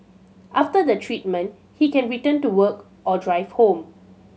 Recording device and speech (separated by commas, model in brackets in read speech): mobile phone (Samsung C7100), read sentence